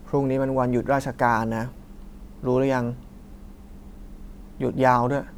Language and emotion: Thai, frustrated